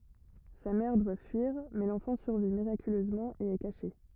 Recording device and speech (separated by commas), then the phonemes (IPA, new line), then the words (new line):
rigid in-ear microphone, read sentence
sa mɛʁ dwa fyiʁ mɛ lɑ̃fɑ̃ syʁvi miʁakyløzmɑ̃ e ɛ kaʃe
Sa mère doit fuir, mais l'enfant survit miraculeusement et est caché.